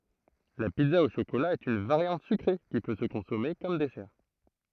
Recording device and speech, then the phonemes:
throat microphone, read sentence
la pizza o ʃokola ɛt yn vaʁjɑ̃t sykʁe ki pø sə kɔ̃sɔme kɔm dɛsɛʁ

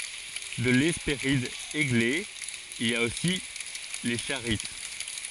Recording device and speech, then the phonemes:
forehead accelerometer, read sentence
də lɛspeʁid eɡle il a osi le ʃaʁit

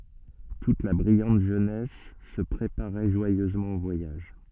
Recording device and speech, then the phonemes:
soft in-ear microphone, read sentence
tut la bʁijɑ̃t ʒønɛs sə pʁepaʁɛ ʒwajøzmɑ̃ o vwajaʒ

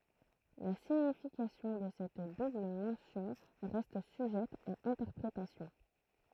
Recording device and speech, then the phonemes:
throat microphone, read sentence
la siɲifikasjɔ̃ də sɛt dubl mɑ̃sjɔ̃ ʁɛst syʒɛt a ɛ̃tɛʁpʁetasjɔ̃

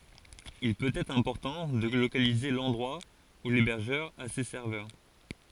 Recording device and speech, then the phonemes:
forehead accelerometer, read sentence
il pøt ɛtʁ ɛ̃pɔʁtɑ̃ də lokalize lɑ̃dʁwa u lebɛʁʒœʁ a se sɛʁvœʁ

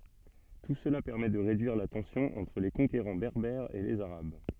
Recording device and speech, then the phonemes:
soft in-ear microphone, read sentence
tu səla pɛʁmɛ də ʁedyiʁ la tɑ̃sjɔ̃ ɑ̃tʁ le kɔ̃keʁɑ̃ bɛʁbɛʁz e lez aʁab

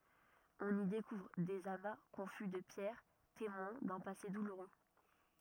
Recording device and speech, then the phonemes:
rigid in-ear microphone, read sentence
ɔ̃n i dekuvʁ dez ama kɔ̃fy də pjɛʁ temwɛ̃ dœ̃ pase duluʁø

